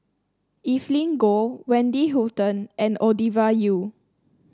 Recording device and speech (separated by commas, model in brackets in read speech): standing microphone (AKG C214), read sentence